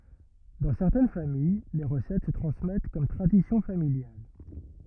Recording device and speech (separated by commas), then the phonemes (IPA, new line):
rigid in-ear microphone, read sentence
dɑ̃ sɛʁtɛn famij le ʁəsɛt sə tʁɑ̃smɛt kɔm tʁadisjɔ̃ familjal